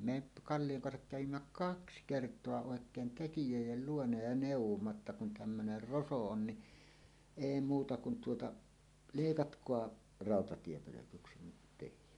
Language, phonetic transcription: Finnish, 'me p- , "Kallijoŋ kansak kävimmä "kaks "kert̀oa òek̀een "tekijö̀ij̆jel 'luona ja nèuw̆womma ‿tta » kun 'tämmöner "roso 'on ni , "èi muuta kun tuota , "lèikatkoa , 'ràotatiepölökyksi nyt 'tehi « .
- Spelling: me - Kallion kanssa kävimme kaksi kertaa oikein tekijöiden luona ja neuvoimme jotta kun tämmöinen roso on niin ei muuta kuin tuota leikatkaa rautatiepölkyksi nyt tekin

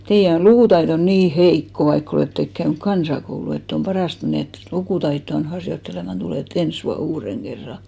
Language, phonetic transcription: Finnish, » 'teijä on 'lukùtaiton "nii "heikko vaik'k ‿olèttek käynʸk "kansakoulu ett ‿om "paràst ‿et menèt 'lukùtaitto₍an 'harjotteleman 'tulè"t ‿ens vuan 'uureŋ 'ɢerra « .
- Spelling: teidän on lukutaitonne niin heikko vaikka olette käynyt kansakoulun että on parasta että menette lukutaitoanne harjoittelemaan tulette ensi vuonna uuden kerran

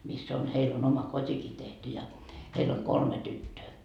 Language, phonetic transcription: Finnish, miss ‿on heil on oma 'kot́iki tehty ja , 'heil ‿oŋ "kolme 'tyttöö .
- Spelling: missä on heillä on oma kotikin tehty ja heillä on kolme tyttöä

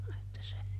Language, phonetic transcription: Finnish, että se ,.
- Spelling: että se

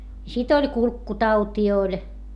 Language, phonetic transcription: Finnish, sit ‿oĺ kulkkutautii oĺ .
- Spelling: sitten oli kurkkutautia oli

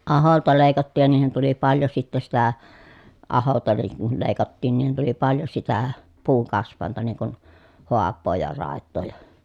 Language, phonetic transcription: Finnish, aholta lèi̮kattiij ja niihin tuli paljo sittä sitä , aholta niŋ kul lèi̮kattiin niihin tuli paljo sitä , puuŋkasv̆vàenta niŋ kun , hoappoo ja ràettoo ja .
- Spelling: ahoilta leikattiin ja niihin tuli paljon sitten sitä ahoilta niin kun leikattiin niihin tuli paljon sitä puunkasvainta niin kuin haapaa ja raitaa ja

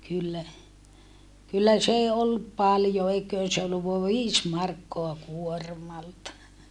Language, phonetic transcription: Finnish, kyllä , kyllä s ‿ee ollup paljo eik̀öön se olluv voav viis markkoa kuormalta .
- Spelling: kyllä kyllä se ei ollut paljon eiköhän se ollut vain viisi markkaa kuormalta

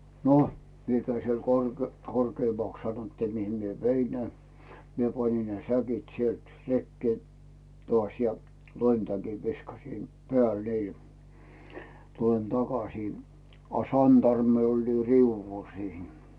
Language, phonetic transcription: Finnish, no , 'mie käi siel kor- , korkeemaks sanottii 'mihim mie "vein ne , 'mie pańin ne "säkit 'sielt , 'rekkee , toàś ja , "loimtäkiv 'viskasin , peä̀l 'niil , 'tulen "takasii , a "santarmmi oĺ 'riuvvul siin .
- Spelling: no minä kävin siellä - korkeammaksi sanottiin mihin minä vein ne minä panin ne säkit sieltä rekeen taas ja loimitäkin viskasin päälle niille tulen takaisin a santarmi oli riu'ulla siinä

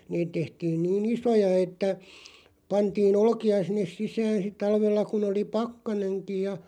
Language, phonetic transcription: Finnish, niit tehtiin̬ , 'nii"n ‿isoja että , 'pantii"n ‿olᵒki₍a sinnes 'sisään̬ sit 'talvella kun ‿oli "pakkaneŋkij ja .
- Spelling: niitä tehtiin niin isoja että pantiin olkia sinne sisään sitten talvella kun oli pakkanenkin ja

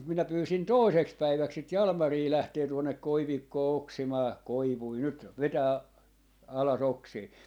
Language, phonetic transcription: Finnish, mut minä 'pyysin "tòi̮seks 'päiväks sit "Jalmarii 'lähtee tuonnek "koivikkoo 'oksimaa "koivui 'nyt , "vetää , ala's ‿oksii .
- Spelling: mutta minä pyysin toiseksi päiväksi sitä Jalmaria lähtemään tuonne koivikkoon oksimaan koivuja nyt vetämään alas oksia

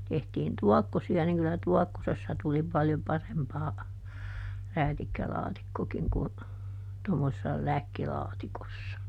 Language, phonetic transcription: Finnish, ˈtehtiin "tuɔkkosi₍a niŋ ˈkylä "tuɔkkosessa tuli paljo ˈparempaa , ˈräätikkälaatikkokiŋ ku , to mosessa "läkkilaatikossa .
- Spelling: tehtiin tuokkosia niin kyllä tuokkosessa tuli paljon parempaa räätikkälaatikkokin kuin - tuommoisessa läkkilaatikossa

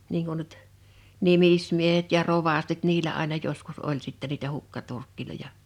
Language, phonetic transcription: Finnish, niiŋ kun nyt , 'nimismiehet ja 'rovastit 'niilä àena joskus 'oĺ sittä niitä 'hukkaturkkiloja .
- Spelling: niin kuin nyt nimismiehet ja rovastit niillä aina joskus oli sitten niitä hukkaturkkeja

